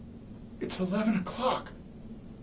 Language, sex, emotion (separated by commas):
English, male, fearful